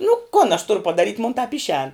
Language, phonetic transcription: Lithuanian, nu kun aš ˈturu padaˈryt' mon tap ˈišēn

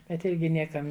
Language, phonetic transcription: Lithuanian, bet ˈirgi ˈniekam

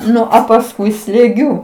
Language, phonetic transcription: Lithuanian, ˈnu a pasˈkui slėˈgiu

